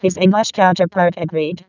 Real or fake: fake